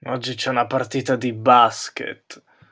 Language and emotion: Italian, disgusted